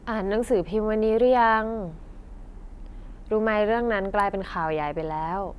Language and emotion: Thai, neutral